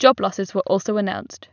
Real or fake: real